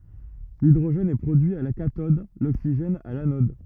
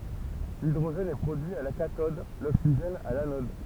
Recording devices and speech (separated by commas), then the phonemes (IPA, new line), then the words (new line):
rigid in-ear microphone, temple vibration pickup, read sentence
lidʁoʒɛn ɛ pʁodyi a la katɔd loksiʒɛn a lanɔd
L'hydrogène est produit à la cathode, l'oxygène à l'anode.